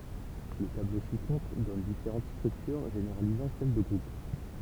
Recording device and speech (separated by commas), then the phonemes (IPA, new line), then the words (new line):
temple vibration pickup, read sentence
lə tablo si kɔ̃tʁ dɔn difeʁɑ̃t stʁyktyʁ ʒeneʁalizɑ̃ sɛl də ɡʁup
Le tableau ci-contre donne différentes structures généralisant celle de groupe.